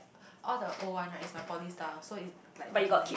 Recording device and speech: boundary microphone, conversation in the same room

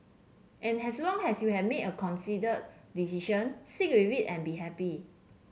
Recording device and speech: mobile phone (Samsung C7), read sentence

